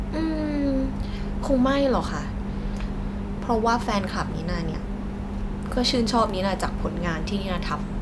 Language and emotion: Thai, neutral